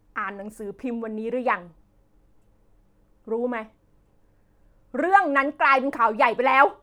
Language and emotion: Thai, angry